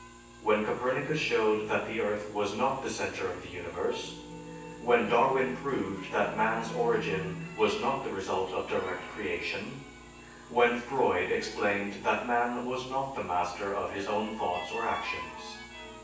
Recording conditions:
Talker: one person; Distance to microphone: 9.8 m; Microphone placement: far; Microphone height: 1.8 m; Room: large; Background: music

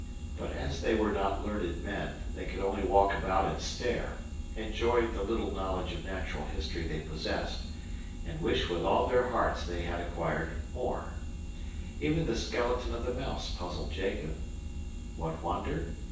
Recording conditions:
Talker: one person; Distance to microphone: 9.8 m; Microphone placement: far; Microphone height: 1.8 m; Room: large; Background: none

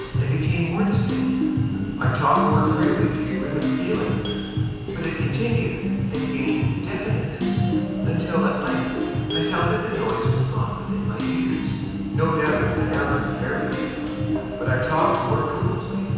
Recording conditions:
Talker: one person; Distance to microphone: 7.1 m; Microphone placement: far; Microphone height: 1.7 m; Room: very reverberant, large; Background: music

